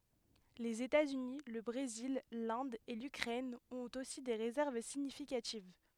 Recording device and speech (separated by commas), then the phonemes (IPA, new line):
headset microphone, read sentence
lez etaz yni lə bʁezil lɛ̃d e lykʁɛn ɔ̃t osi de ʁezɛʁv siɲifikativ